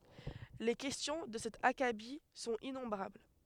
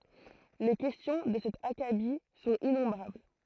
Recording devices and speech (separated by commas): headset microphone, throat microphone, read sentence